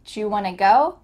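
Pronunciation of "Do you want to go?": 'Do you' sounds like 'ju', with a j sound, and 'want to' runs together as 'wanna'.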